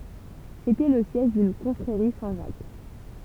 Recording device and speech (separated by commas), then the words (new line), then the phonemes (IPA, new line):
temple vibration pickup, read sentence
C’était le siège d’une confrérie Saint-Jacques.
setɛ lə sjɛʒ dyn kɔ̃fʁeʁi sɛ̃tʒak